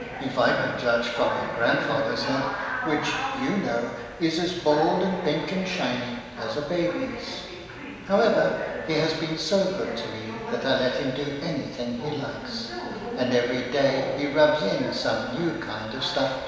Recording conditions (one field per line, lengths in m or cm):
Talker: one person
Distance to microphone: 1.7 m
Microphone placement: close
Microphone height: 1.0 m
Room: very reverberant, large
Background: television